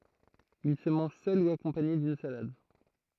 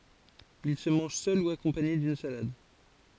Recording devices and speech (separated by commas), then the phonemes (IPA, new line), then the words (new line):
throat microphone, forehead accelerometer, read sentence
il sə mɑ̃ʒ sœl u akɔ̃paɲe dyn salad
Il se mange seul ou accompagné d'une salade.